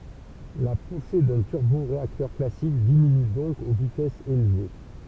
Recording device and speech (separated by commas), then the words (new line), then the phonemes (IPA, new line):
temple vibration pickup, read sentence
La poussée d'un turboréacteur classique diminue donc aux vitesses élevées.
la puse dœ̃ tyʁboʁeaktœʁ klasik diminy dɔ̃k o vitɛsz elve